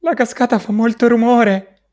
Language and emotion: Italian, fearful